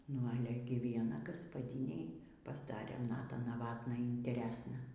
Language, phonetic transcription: Lithuanian, nu ˈale gi vieˈna gaspaˈdinei pasˈdarė ˈnata naˈvatna ynteˈresna

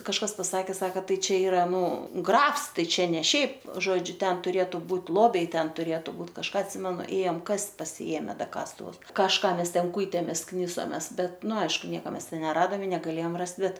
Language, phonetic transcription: Lithuanian, kažˈkas paˈsakė ˈsaka ˈtai ˈčia ˈyra ˈnu ˈgrafs ˈtai ˈčia ne ˈšiaip ˈžodžiu ˈten tuˈrėtu ˈbūt' ˈlobiai ˈten tuˈrėtu ˈbūt kažˈką atˈsimenu ˈėjam ˈkast' pasiˈėme ˈda ˈkastuvus kažˈką ˈmes ˈten ˈkūitėmės ˈknisomes ˈbet ˈnu ˈaišku ˈnieka ˈmes ˈten neˈradam i negaˈlėjam ˈrast ˈbet

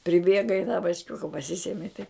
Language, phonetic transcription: Lithuanian, priˈbėga i ta bačˈkiuka paˈsisemi tai

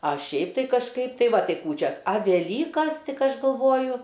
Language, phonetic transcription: Lithuanian, ˈa ˈšiaip tai kažˈkaip ˈtai ˈva ˈtai ˈkūčias a veˈlykas ˈtik ˈaš galˈvoju

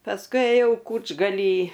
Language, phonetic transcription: Lithuanian, pasˈkui ėˈjau ˈkūčgaly

